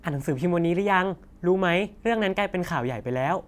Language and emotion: Thai, happy